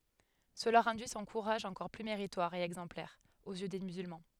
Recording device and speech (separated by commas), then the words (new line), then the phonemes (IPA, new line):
headset microphone, read sentence
Cela rendit son courage encore plus méritoire et exemplaire, aux yeux des musulmans.
səla ʁɑ̃di sɔ̃ kuʁaʒ ɑ̃kɔʁ ply meʁitwaʁ e ɛɡzɑ̃plɛʁ oz jø de myzylmɑ̃